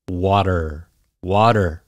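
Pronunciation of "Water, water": In 'water', the t sounds like a d.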